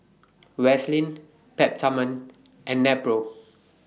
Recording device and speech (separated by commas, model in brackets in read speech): mobile phone (iPhone 6), read sentence